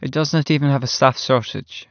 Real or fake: real